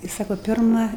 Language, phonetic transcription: Lithuanian, i ˈsako ˈpirma

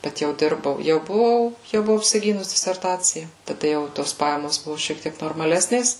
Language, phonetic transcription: Lithuanian, ˈbet jau ˈdirbau ˈjau buˈvau ˈjau buˈvau apsiˈgynus diserˈtacija taˈda jau i ˈtos ˈpajamos ˈbuvo šiek ˈtiek normaˈlesnės

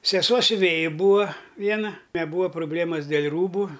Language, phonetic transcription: Lithuanian, seˈsuo siuˈvėji ˈbūa ˈviena neˈbūa proˈblėmas dėl' ˈrūbu

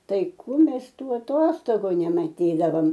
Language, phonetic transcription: Lithuanian, ˈtai ˈkų ˈmes ˈtų aˈtostogu nemaˈtydavom

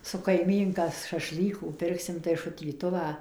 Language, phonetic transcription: Lithuanian, su kaiˈmynka šaˈšlykų ˈpirksim tai šutyˈtuvą

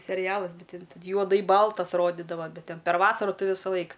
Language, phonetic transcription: Lithuanian, seˈrijalas ˈbet tin t juoˈdai ˈbaltas ˈrodidava ˈbet ˈten per ˈvasaru ˈtai visaˈlaik

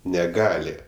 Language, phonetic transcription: Lithuanian, neˈgali

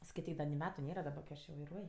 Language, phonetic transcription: Lithuanian, skaiˈtyk da ni ˈmetu ˈnėra daˈba kai ˈaš jau vaiˈruoj

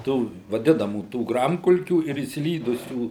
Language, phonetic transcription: Lithuanian, ˈtų vaˈdinamų ˈtų ˈgramkulkių ir išsiˈlydusių

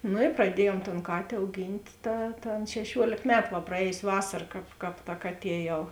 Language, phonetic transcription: Lithuanian, nu praˈdiejuom ton ˈkatė auˈgynt' ˈta ta ˈan šeˈšiuolėk ˈmetu va praˈējos' ˈvasar ˈkāp ˈkāp ta ˈkaˌtie jau

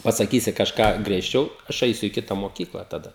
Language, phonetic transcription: Lithuanian, pasaˈkysi kažˈką griežˈčiau ˈaš ˈaisiu į ˈkita moˈkykla taˈda

